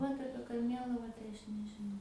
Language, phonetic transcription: Lithuanian, ˈvat ˈapie karˈmėlavą tai ˈaš nežiˈnau

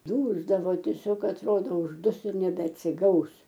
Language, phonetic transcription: Lithuanian, ˈdūsdavo tieˈsiog atˈrodo užˈdus ir nebeatsiˈgaus

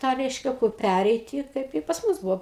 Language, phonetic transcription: Lithuanian, ˈtą ˈreiškia kur ˈpæreiti ˈkaip i pas ˈmus ˈbuvo

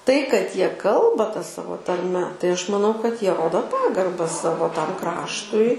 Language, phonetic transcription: Lithuanian, tai kad ˈjie ˈkalba ta ˈsavo tarˈme tai ˈaš maˈnau kad ˈjie ˈrodo ˈpagarba ˈsavo ˈtam ˈkraštui

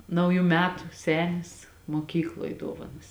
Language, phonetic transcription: Lithuanian, ˈnauju ˈmetu ˈsenis moˈkykloj ˈduovanas

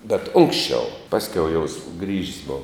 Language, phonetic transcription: Lithuanian, bet ˈunksčiau ˈpaskiau jau sugrįž's' ˈbova

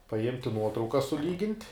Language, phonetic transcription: Lithuanian, paˈimti ˈnuotrauka suˈlygint'

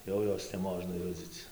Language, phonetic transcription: Lithuanian, ˈjau ˈjos neˈmožna ˈjudzyc

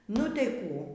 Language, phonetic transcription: Lithuanian, nu tei ˈkų

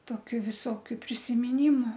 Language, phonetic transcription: Lithuanian, ˈtokiu viˈsokiu prisimiˈnimu

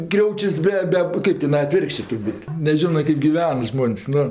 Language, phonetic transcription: Lithuanian, ˈkriaučius ˈbe ˈbe ˈkɜp tiˈnai aˈtvirkščė turˈbūt' neˈžino ˈkɜp giˈven ˈžmon's' ˈnu

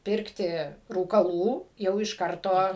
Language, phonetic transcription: Lithuanian, ˈpirkti rūkaˈlų jau iš ˈkarto

